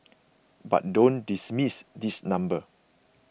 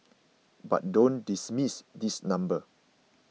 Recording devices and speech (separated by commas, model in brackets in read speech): boundary microphone (BM630), mobile phone (iPhone 6), read sentence